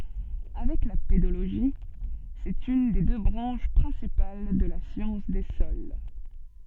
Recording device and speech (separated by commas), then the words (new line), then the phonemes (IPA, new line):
soft in-ear microphone, read sentence
Avec la pédologie, c'est une des deux branches principales de la science des sols.
avɛk la pedoloʒi sɛt yn de dø bʁɑ̃ʃ pʁɛ̃sipal də la sjɑ̃s de sɔl